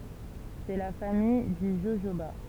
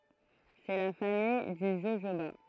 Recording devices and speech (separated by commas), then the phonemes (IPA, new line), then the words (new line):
temple vibration pickup, throat microphone, read sentence
sɛ la famij dy ʒoʒoba
C'est la famille du jojoba.